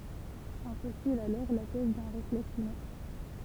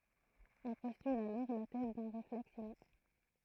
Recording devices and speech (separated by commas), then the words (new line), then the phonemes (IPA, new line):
temple vibration pickup, throat microphone, read sentence
On postule alors la thèse d'un réflexe inné.
ɔ̃ pɔstyl alɔʁ la tɛz dœ̃ ʁeflɛks ine